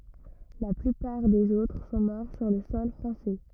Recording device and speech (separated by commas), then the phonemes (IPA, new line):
rigid in-ear microphone, read sentence
la plypaʁ dez otʁ sɔ̃ mɔʁ syʁ lə sɔl fʁɑ̃sɛ